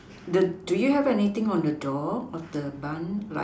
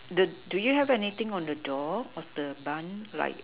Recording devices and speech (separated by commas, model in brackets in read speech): standing microphone, telephone, conversation in separate rooms